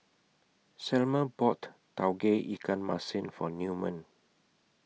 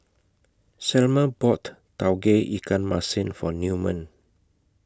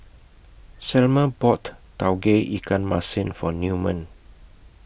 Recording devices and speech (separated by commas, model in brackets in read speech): mobile phone (iPhone 6), close-talking microphone (WH20), boundary microphone (BM630), read sentence